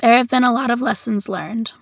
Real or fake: real